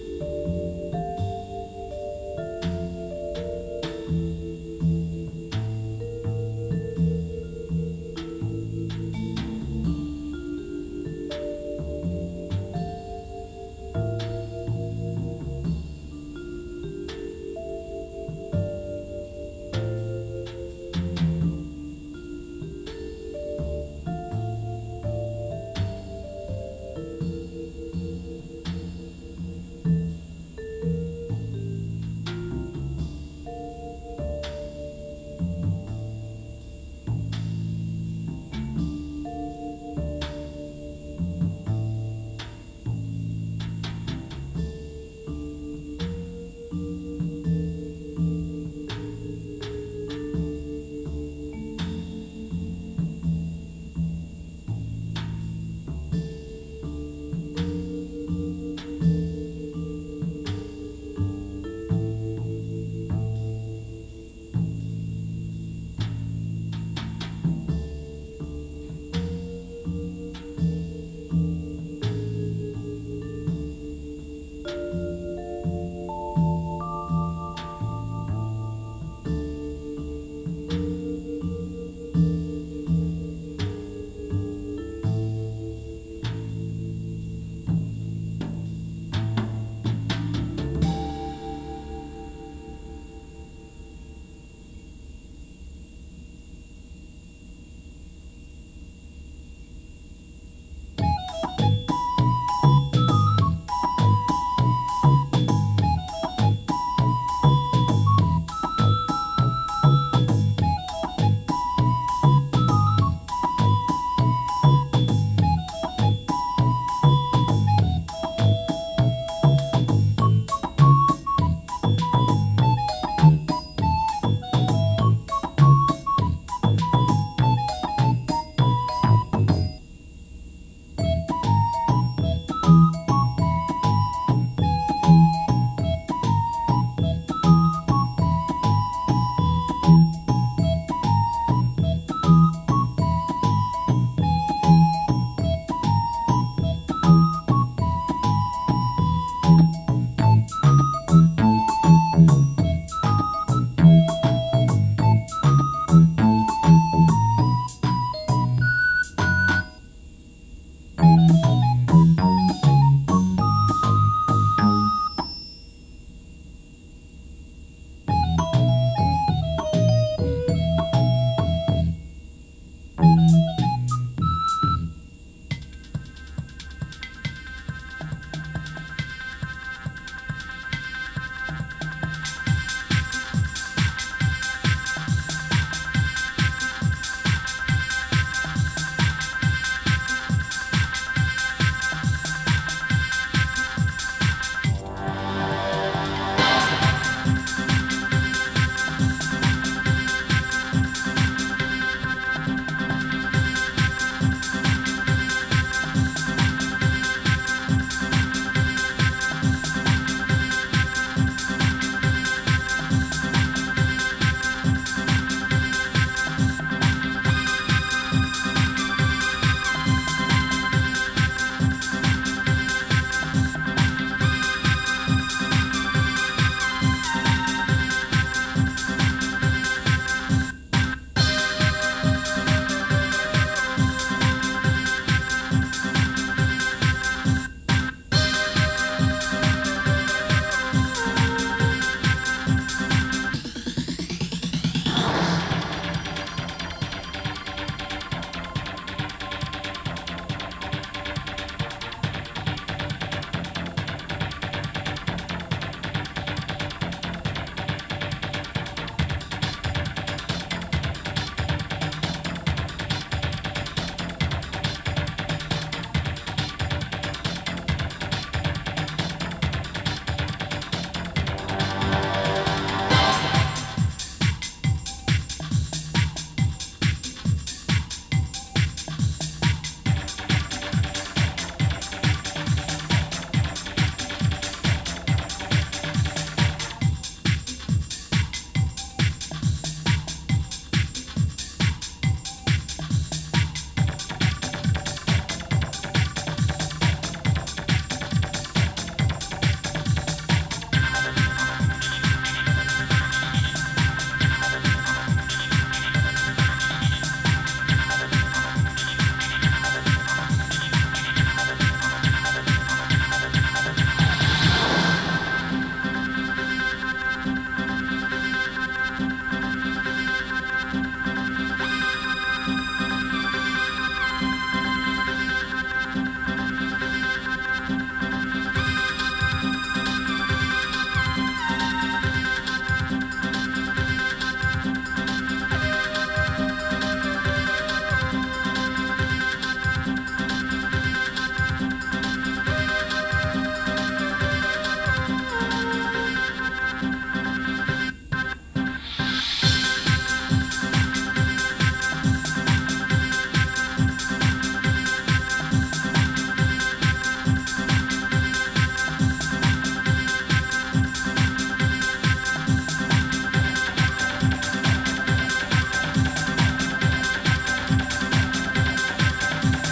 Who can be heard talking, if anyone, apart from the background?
No one.